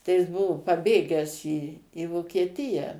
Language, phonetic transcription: Lithuanian, tai jis ˈbuvu paˈbėgęs į į vokieˈtija

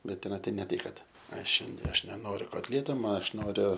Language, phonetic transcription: Lithuanian, ˈbet teˈna ˈtai ne ˈtai ˈkad ˈaš ˈšiandie ˈaš neˈnoriu kotˈlieto ˈma ˈaš ˈnoriu

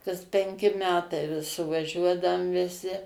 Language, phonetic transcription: Lithuanian, kas penˈki ˈmetai vis suvaˈžiuodaum viˈsi

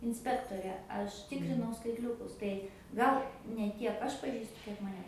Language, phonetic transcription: Lithuanian, inˈspektore ˈaš ˈtikrinau skaitˈliukus tai ˈgal ne ˈtiek ˈaš paˈžįstu ˈkiek maˈne

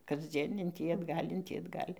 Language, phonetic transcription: Lithuanian, kasˈdzien in ˈtį atˈgal' in ˈtį atˈgal'

